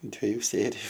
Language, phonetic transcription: Lithuanian, dvėˈju ˈsėriju

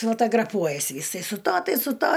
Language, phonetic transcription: Lithuanian, fotograˈpuojas ˈjisai su ˈta ˈtai su ˈta

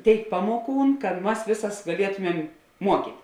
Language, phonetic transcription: Lithuanian, ˈtėik ˈpamoˌkūn kad ˈmas ˈvėsas gaˈlietumem ˈmuokyt'

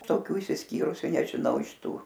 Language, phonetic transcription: Lithuanian, toˈkių išsisˈkyrusiu nežiˈnau iš ˈtų

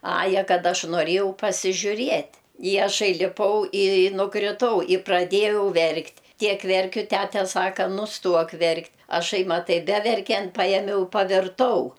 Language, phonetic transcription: Lithuanian, ˈaja ˈkad ˈaš noˈrėjau pasižiuˈriet' i aˈšai liˈpau i nukriˈtau i praˈdėjau ˈverkt' ˈtiek ˈverkiu ˈtæte ˈsaka nusˈtuok ˈverkt' aˈšai maˈtai ˈbeverkiant ˈpajemiau pavirˈtau

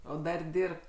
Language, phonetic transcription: Lithuanian, ˈo ˈdar ˈdirbt

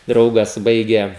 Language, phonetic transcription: Lithuanian, ˈdraugas ˈbaigė

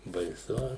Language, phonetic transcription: Lithuanian, baiˈsu

